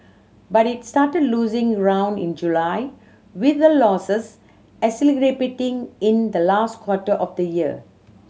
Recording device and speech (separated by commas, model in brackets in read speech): mobile phone (Samsung C7100), read sentence